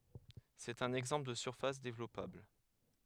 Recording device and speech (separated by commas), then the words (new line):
headset microphone, read sentence
C'est un exemple de surface développable.